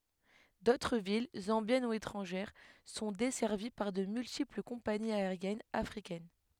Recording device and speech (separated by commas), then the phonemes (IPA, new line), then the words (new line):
headset microphone, read sentence
dotʁ vil zɑ̃bjɛn u etʁɑ̃ʒɛʁ sɔ̃ dɛsɛʁvi paʁ də myltipl kɔ̃paniz aeʁjɛnz afʁikɛn
D'autres villes, zambiennes ou étrangères, sont desservies par de multiples compagnies aériennes africaines.